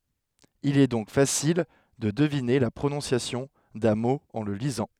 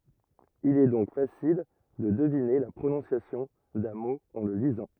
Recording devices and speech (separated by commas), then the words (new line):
headset microphone, rigid in-ear microphone, read sentence
Il est donc facile de deviner la prononciation d'un mot en le lisant.